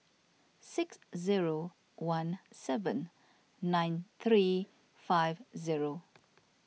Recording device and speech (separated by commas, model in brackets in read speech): mobile phone (iPhone 6), read sentence